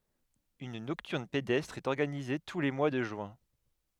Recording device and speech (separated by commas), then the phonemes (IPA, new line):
headset microphone, read sentence
yn nɔktyʁn pedɛstʁ ɛt ɔʁɡanize tu le mwa də ʒyɛ̃